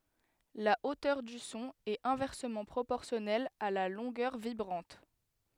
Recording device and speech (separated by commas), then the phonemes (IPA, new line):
headset microphone, read sentence
la otœʁ dy sɔ̃ ɛt ɛ̃vɛʁsəmɑ̃ pʁopɔʁsjɔnɛl a la lɔ̃ɡœʁ vibʁɑ̃t